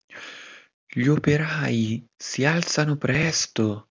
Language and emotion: Italian, surprised